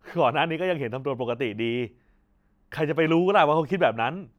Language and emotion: Thai, happy